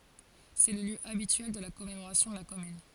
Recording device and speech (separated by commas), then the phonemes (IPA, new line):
forehead accelerometer, read sentence
sɛ lə ljø abityɛl də la kɔmemoʁasjɔ̃ də la kɔmyn